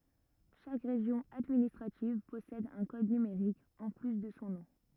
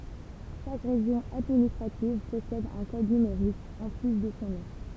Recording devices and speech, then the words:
rigid in-ear microphone, temple vibration pickup, read sentence
Chaque région administrative possède un code numérique, en plus de son nom.

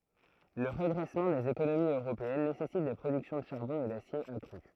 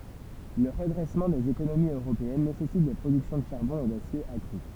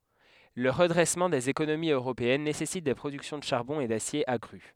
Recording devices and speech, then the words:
throat microphone, temple vibration pickup, headset microphone, read sentence
Le redressement des économies européennes nécessite des productions de charbon et d’acier accrues.

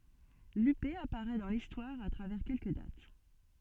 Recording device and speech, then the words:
soft in-ear microphone, read sentence
Lupé apparaît dans l’histoire à travers quelques dates.

